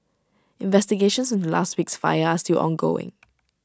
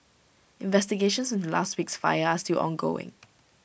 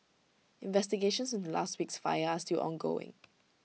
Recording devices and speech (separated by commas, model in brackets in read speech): standing microphone (AKG C214), boundary microphone (BM630), mobile phone (iPhone 6), read sentence